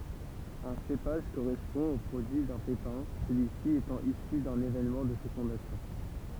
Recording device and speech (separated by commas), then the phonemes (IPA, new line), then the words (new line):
temple vibration pickup, read sentence
œ̃ sepaʒ koʁɛspɔ̃ o pʁodyi dœ̃ pepɛ̃ səlyisi etɑ̃ isy dœ̃n evenmɑ̃ də fekɔ̃dasjɔ̃
Un cépage correspond au produit d'un pépin, celui-ci étant issu d'un événement de fécondation.